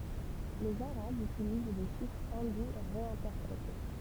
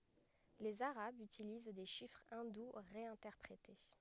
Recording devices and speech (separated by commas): temple vibration pickup, headset microphone, read sentence